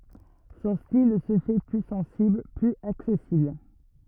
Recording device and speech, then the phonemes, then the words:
rigid in-ear microphone, read sentence
sɔ̃ stil sə fɛ ply sɑ̃sibl plyz aksɛsibl
Son style se fait plus sensible, plus accessible.

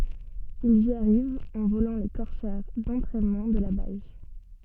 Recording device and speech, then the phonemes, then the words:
soft in-ear microphone, read sentence
ilz i aʁivt ɑ̃ volɑ̃ le kɔʁsɛʁ dɑ̃tʁɛnmɑ̃ də la baz
Ils y arrivent en volant les Corsair d'entraînement de la base.

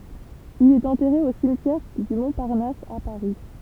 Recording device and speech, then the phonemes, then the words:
temple vibration pickup, read sentence
il ɛt ɑ̃tɛʁe o simtjɛʁ dy mɔ̃paʁnas a paʁi
Il est enterré au cimetière du Montparnasse à Paris.

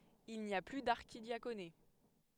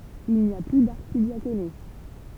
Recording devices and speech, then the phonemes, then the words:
headset microphone, temple vibration pickup, read sentence
il ni a ply daʁʃidjakone
Il n'y a plus d'archidiaconé.

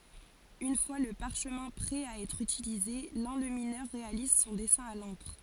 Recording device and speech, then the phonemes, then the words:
forehead accelerometer, read sentence
yn fwa lə paʁʃmɛ̃ pʁɛ a ɛtʁ ytilize lɑ̃lyminœʁ ʁealiz sɔ̃ dɛsɛ̃ a lɑ̃kʁ
Une fois le parchemin prêt à être utilisé, l'enlumineur réalise son dessin à l'encre.

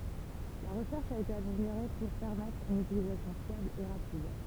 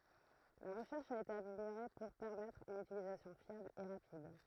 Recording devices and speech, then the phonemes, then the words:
temple vibration pickup, throat microphone, read sentence
la ʁəʃɛʁʃ a ete ameljoʁe puʁ pɛʁmɛtʁ yn ytilizasjɔ̃ fjabl e ʁapid
La recherche a été améliorée pour permettre une utilisation fiable et rapide.

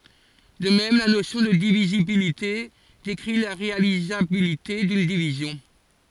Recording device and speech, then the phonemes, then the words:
forehead accelerometer, read sentence
də mɛm la nosjɔ̃ də divizibilite dekʁi la ʁealizabilite dyn divizjɔ̃
De même, la notion de divisibilité décrit la réalisabilité d’une division.

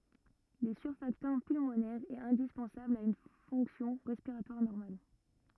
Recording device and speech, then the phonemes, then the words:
rigid in-ear microphone, read sentence
lə syʁfaktɑ̃ pylmonɛʁ ɛt ɛ̃dispɑ̃sabl a yn fɔ̃ksjɔ̃ ʁɛspiʁatwaʁ nɔʁmal
Le surfactant pulmonaire est indispensable à une fonction respiratoire normale.

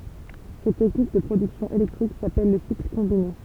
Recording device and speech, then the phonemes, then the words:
temple vibration pickup, read sentence
sɛt tɛknik də pʁodyksjɔ̃ elɛktʁik sapɛl lə sikl kɔ̃bine
Cette technique de production électrique s'appelle le cycle combiné.

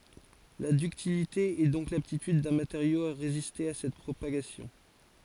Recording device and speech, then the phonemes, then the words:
forehead accelerometer, read sentence
la dyktilite ɛ dɔ̃k laptityd dœ̃ mateʁjo a ʁeziste a sɛt pʁopaɡasjɔ̃
La ductilité est donc l'aptitude d'un matériau à résister à cette propagation.

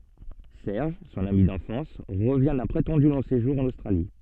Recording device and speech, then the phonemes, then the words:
soft in-ear microphone, read sentence
sɛʁʒ sɔ̃n ami dɑ̃fɑ̃s ʁəvjɛ̃ dœ̃ pʁetɑ̃dy lɔ̃ seʒuʁ ɑ̃n ostʁali
Serge, son ami d'enfance, revient d'un prétendu long séjour en Australie.

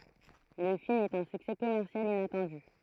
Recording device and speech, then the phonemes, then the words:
throat microphone, read sentence
lə film ɛt œ̃ syksɛ kɔmɛʁsjal inatɑ̃dy
Le film est un succès commercial inattendu.

